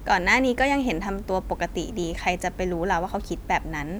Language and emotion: Thai, neutral